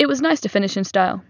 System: none